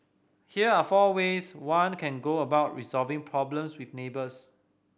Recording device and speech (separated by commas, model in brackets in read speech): boundary microphone (BM630), read sentence